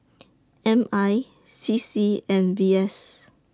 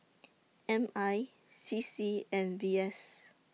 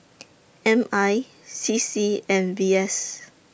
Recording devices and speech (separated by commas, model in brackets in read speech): standing microphone (AKG C214), mobile phone (iPhone 6), boundary microphone (BM630), read sentence